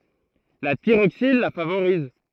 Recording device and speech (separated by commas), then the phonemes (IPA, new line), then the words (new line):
throat microphone, read sentence
la tiʁoksin la favoʁiz
La thyroxine la favorise.